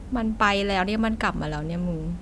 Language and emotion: Thai, frustrated